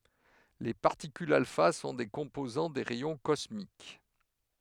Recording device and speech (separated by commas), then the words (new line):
headset microphone, read sentence
Les particules alpha sont des composants des rayons cosmiques.